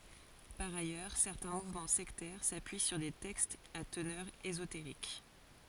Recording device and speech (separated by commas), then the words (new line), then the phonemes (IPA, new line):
forehead accelerometer, read sentence
Par ailleurs, certains mouvements sectaires s’appuient sur des textes à teneur ésotérique.
paʁ ajœʁ sɛʁtɛ̃ muvmɑ̃ sɛktɛʁ sapyi syʁ de tɛkstz a tənœʁ ezoteʁik